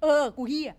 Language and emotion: Thai, frustrated